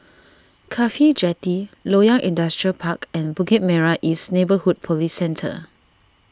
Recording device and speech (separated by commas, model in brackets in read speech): standing microphone (AKG C214), read sentence